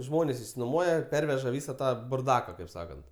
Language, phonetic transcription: Lithuanian, ˈžmonės išsinoˈmuoja ˈperveža ˈvysa ˈtą burˈdaka kaip ˈsakant

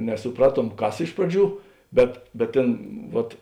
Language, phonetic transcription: Lithuanian, nesuˈpraˌtuom ˈkas ˈiš praˌdžių ˈbet bet ˈtėn ˈvat

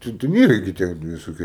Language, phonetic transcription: Lithuanian, ˈten ten ˈyra gi ˈtie visoˈkie

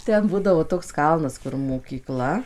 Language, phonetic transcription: Lithuanian, ˈten ˈbūdavo ˈtoks ˈkalnas kur mokyˈkla

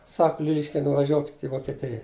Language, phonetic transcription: Lithuanian, sak ˈliliškiai nuvaˈžiuokit' i vokeˈtija

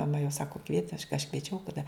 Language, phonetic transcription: Lithuanian, maˈma jau ˈsako kvieti aš aš kvieˈčiau taˈda

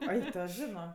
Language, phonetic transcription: Lithuanian, ˈai ˈto ˈžino

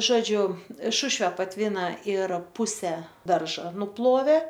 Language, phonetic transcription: Lithuanian, ˈžodžiu ˈšušve patˈvyna ir ˈpuse ˈdarža nuˈplovė

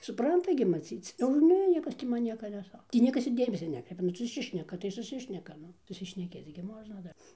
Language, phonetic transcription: Lithuanian, suˈpranta gi maˈcyc o ir ˈne ˈniekas tį ˈman ˈnieka neˈsa ˈtį ˈniekas ir ˈdėmesia ˈnekreipia ˈnu suˈsišneka tai suˈsišneka ˈnu susišneˈkėc gi ˈmožna ˈdar

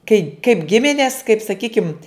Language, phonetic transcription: Lithuanian, kai kaip ˈgiminės kaip saˈkykimt

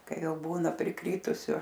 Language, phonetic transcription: Lithuanian, ˈkai ˈjau ˈbūna priˈkrytusiu

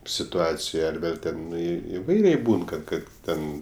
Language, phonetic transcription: Lithuanian, situˈacijoj ar ˈvėl' teˈnai iˈvairiai ˈbūn ˈkad ˈten

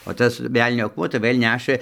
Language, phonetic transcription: Lithuanian, o ˈtas ˈvelnio akˈmuo tai ˈvɘl' ˈnešɘ

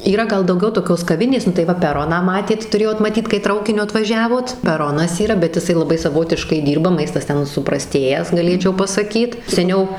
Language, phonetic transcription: Lithuanian, yˈra gal dauˈgiau toˈkios kaˈvinės nu tai ˈva peˈroną ˈmatėt tuˈrėjot maˈtyt kai ˈtraukiniu atvaˈžiavot peˈronas yˈra bet jiˈsai laˈbai saˈvotiškai ˈdyrba ˈmaistas ˈten supraˈstėjęs gaˈlėčiau pasaˈkyt seˈniau

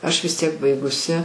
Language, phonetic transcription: Lithuanian, ˈaš vis ˈtiek ˈbaigusi

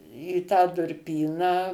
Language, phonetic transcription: Lithuanian, į tą durˈpyną

